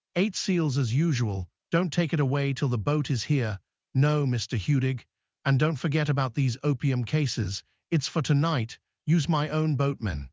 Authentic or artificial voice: artificial